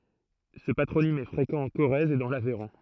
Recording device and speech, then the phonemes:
throat microphone, read sentence
sə patʁonim ɛ fʁekɑ̃ ɑ̃ koʁɛz e dɑ̃ lavɛʁɔ̃

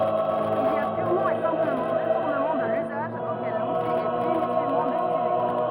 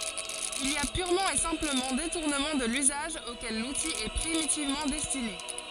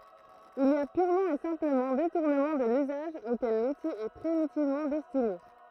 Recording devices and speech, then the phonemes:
rigid in-ear microphone, forehead accelerometer, throat microphone, read sentence
il i a pyʁmɑ̃ e sɛ̃pləmɑ̃ detuʁnəmɑ̃ də lyzaʒ okɛl luti ɛ pʁimitivmɑ̃ dɛstine

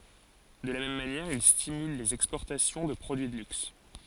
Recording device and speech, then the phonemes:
forehead accelerometer, read sentence
də la mɛm manjɛʁ il stimyl lez ɛkspɔʁtasjɔ̃ də pʁodyi də lyks

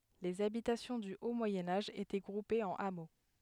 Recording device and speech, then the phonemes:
headset microphone, read sentence
lez abitasjɔ̃ dy o mwajɛ̃ aʒ etɛ ɡʁupez ɑ̃n amo

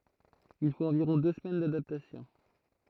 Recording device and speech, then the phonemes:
throat microphone, read sentence
il fot ɑ̃viʁɔ̃ dø səmɛn dadaptasjɔ̃

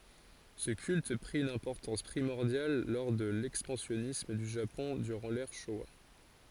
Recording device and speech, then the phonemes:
forehead accelerometer, read sentence
sə kylt pʁi yn ɛ̃pɔʁtɑ̃s pʁimɔʁdjal lɔʁ də lɛkspɑ̃sjɔnism dy ʒapɔ̃ dyʁɑ̃ lɛʁ ʃowa

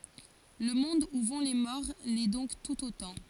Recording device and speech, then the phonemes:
forehead accelerometer, read sentence
lə mɔ̃d u vɔ̃ le mɔʁ lɛ dɔ̃k tut otɑ̃

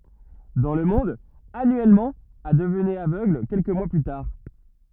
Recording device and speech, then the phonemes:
rigid in-ear microphone, read sentence
dɑ̃ lə mɔ̃d anyɛlmɑ̃ a dəvnɛt avøɡl kɛlkə mwa ply taʁ

